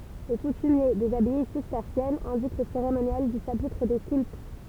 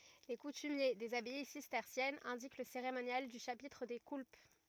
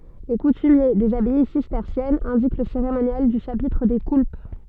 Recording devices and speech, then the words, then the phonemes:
temple vibration pickup, rigid in-ear microphone, soft in-ear microphone, read sentence
Les coutumiers des abbayes cisterciennes indiquent le cérémonial du chapitre des coulpes.
le kutymje dez abaj sistɛʁsjɛnz ɛ̃dik lə seʁemonjal dy ʃapitʁ de kulp

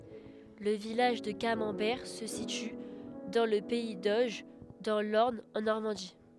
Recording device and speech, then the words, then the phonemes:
headset microphone, read sentence
Le village de Camembert se situe dans le pays d'Auge, dans l’Orne en Normandie.
lə vilaʒ də kamɑ̃bɛʁ sə sity dɑ̃ lə pɛi doʒ dɑ̃ lɔʁn ɑ̃ nɔʁmɑ̃di

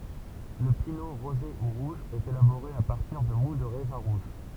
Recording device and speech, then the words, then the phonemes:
temple vibration pickup, read sentence
Le pineau rosé ou rouge est élaboré à partir de moût de raisins rouges.
lə pino ʁoze u ʁuʒ ɛt elaboʁe a paʁtiʁ də mu də ʁɛzɛ̃ ʁuʒ

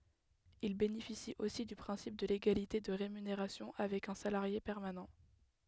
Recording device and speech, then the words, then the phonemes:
headset microphone, read sentence
Ils bénéficient aussi du principe de l'égalité de rémunération avec un salarié permanent.
il benefisit osi dy pʁɛ̃sip də leɡalite də ʁemyneʁasjɔ̃ avɛk œ̃ salaʁje pɛʁmanɑ̃

